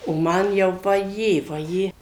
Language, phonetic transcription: Lithuanian, o ˈman jau vaˈjė vaˈjė

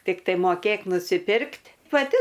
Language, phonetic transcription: Lithuanian, tikˈtai moˈkėk nusiˈpirkt' paˈti

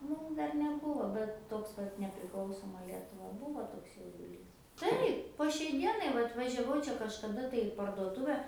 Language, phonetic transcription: Lithuanian, ˈmūm ˈdar neˈbūvo bet ˈtoks kad nepriˈklausoma ˈlietuva ˈbūvo ˈtoks jauduˈlys ˈtaip po šiai ˈdienai ˈvat važiaˈvau ˈčia kažkaˈda tai i parduoˈtuve

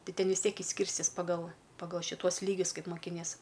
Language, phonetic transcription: Lithuanian, ˈti ˈten vis ˈtiek išˈskyrstis paˈgal paˈgal šiˈtuos ˈlygius ˈkaip mokiˈnies

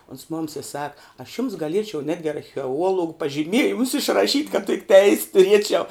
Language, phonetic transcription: Lithuanian, ons ˈmoms i ˈsaka aš jums gaˈliečiau ˈnetgi archeˈuologu pažiˈmiejimus išraˈšyt' kad tik teis' tuˈriečiau

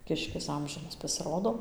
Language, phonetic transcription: Lithuanian, ˈkiškis ˈamžinas pasiˈrodo

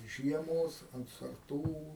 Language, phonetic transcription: Lithuanian, ˈžiemos ant sarˈtų

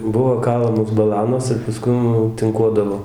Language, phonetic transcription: Lithuanian, ˈbuvo ˈkalamos baˈlanos ir paˈskum jau tɨnˈkuodavo

